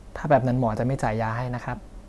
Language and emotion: Thai, neutral